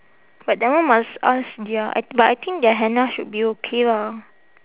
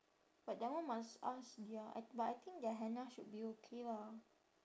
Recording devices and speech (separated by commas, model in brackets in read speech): telephone, standing microphone, conversation in separate rooms